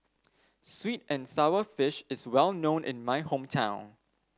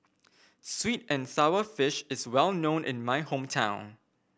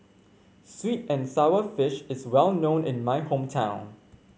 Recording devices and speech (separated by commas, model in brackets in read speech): standing microphone (AKG C214), boundary microphone (BM630), mobile phone (Samsung C5), read sentence